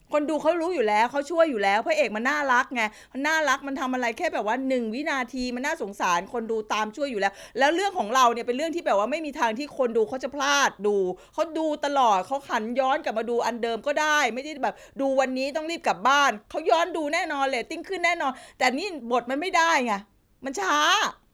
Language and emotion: Thai, frustrated